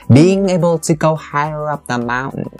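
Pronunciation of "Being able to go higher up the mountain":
The intonation holds steady through the phrase, and it falls on the word 'mountain'.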